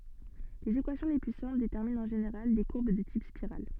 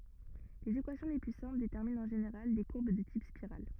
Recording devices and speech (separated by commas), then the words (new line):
soft in-ear microphone, rigid in-ear microphone, read sentence
Les équations les plus simples déterminent en général des courbes de type spirale.